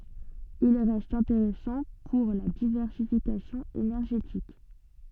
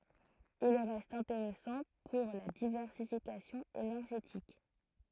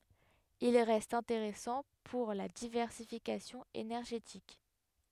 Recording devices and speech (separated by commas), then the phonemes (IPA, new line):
soft in-ear microphone, throat microphone, headset microphone, read sentence
il ʁɛst ɛ̃teʁɛsɑ̃ puʁ la divɛʁsifikasjɔ̃ enɛʁʒetik